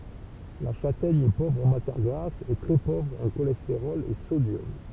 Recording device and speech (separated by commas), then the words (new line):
temple vibration pickup, read sentence
La châtaigne est pauvre en matière grasse et très pauvre en cholestérol et sodium.